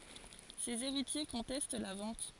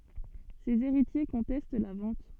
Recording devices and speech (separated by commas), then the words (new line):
forehead accelerometer, soft in-ear microphone, read sentence
Ses héritiers contestent la vente.